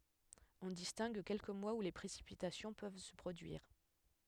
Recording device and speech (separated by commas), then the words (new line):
headset microphone, read sentence
On distingue quelques mois où les précipitations peuvent se produire.